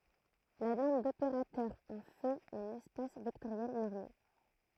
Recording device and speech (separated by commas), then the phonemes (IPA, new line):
throat microphone, read sentence
la nɔʁm dopeʁatœʁ ɑ̃ fɛt œ̃n ɛspas vɛktoʁjɛl nɔʁme